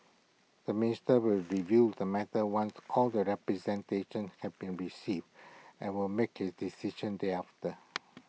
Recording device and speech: mobile phone (iPhone 6), read sentence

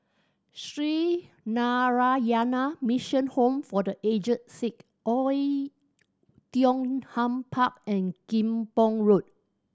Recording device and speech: standing microphone (AKG C214), read sentence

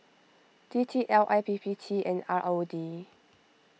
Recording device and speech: mobile phone (iPhone 6), read sentence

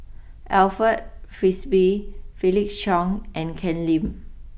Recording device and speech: boundary microphone (BM630), read sentence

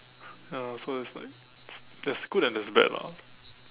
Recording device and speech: telephone, conversation in separate rooms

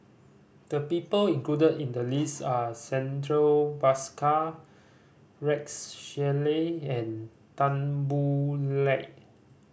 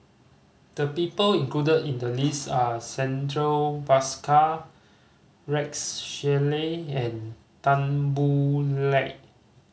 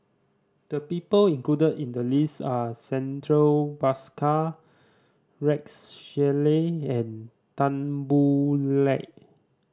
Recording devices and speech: boundary microphone (BM630), mobile phone (Samsung C5010), standing microphone (AKG C214), read sentence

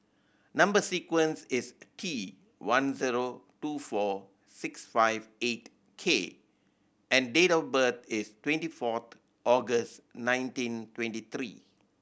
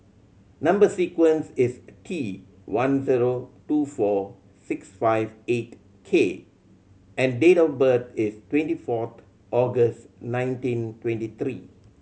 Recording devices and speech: boundary microphone (BM630), mobile phone (Samsung C7100), read sentence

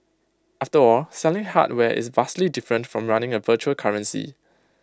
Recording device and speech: close-talking microphone (WH20), read sentence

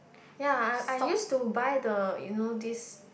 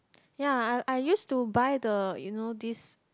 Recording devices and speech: boundary microphone, close-talking microphone, conversation in the same room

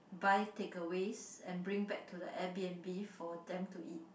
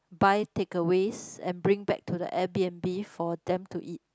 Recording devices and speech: boundary microphone, close-talking microphone, conversation in the same room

